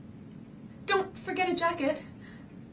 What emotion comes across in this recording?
fearful